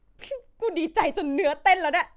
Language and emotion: Thai, happy